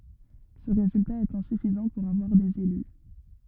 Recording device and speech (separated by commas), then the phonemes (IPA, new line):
rigid in-ear microphone, read sentence
sə ʁezylta ɛt ɛ̃syfizɑ̃ puʁ avwaʁ dez ely